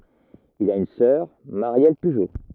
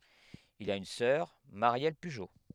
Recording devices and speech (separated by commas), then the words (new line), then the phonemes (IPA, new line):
rigid in-ear microphone, headset microphone, read sentence
Il a une sœur, Marielle Pujo.
il a yn sœʁ maʁjɛl pyʒo